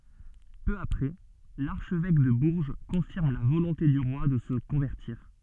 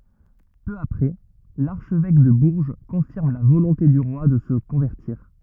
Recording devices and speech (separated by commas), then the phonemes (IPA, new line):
soft in-ear microphone, rigid in-ear microphone, read sentence
pø apʁɛ laʁʃvɛk də buʁʒ kɔ̃fiʁm la volɔ̃te dy ʁwa də sə kɔ̃vɛʁtiʁ